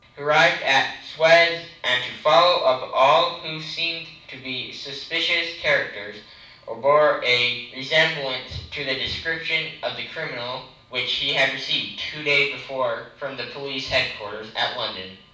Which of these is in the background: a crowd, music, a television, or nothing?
Nothing.